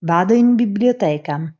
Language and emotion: Italian, neutral